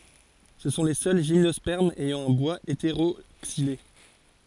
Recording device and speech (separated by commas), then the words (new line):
forehead accelerometer, read sentence
Ce sont les seuls gymnospermes ayant un bois hétéroxylé.